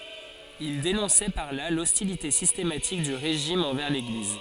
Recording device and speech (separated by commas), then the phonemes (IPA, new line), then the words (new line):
forehead accelerometer, read sentence
il denɔ̃sɛ paʁ la lɔstilite sistematik dy ʁeʒim ɑ̃vɛʁ leɡliz
Il dénonçait par là l'hostilité systématique du régime envers l'Église.